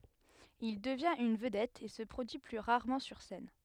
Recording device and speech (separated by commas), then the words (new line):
headset microphone, read sentence
Il devient une vedette et se produit plus rarement sur scène.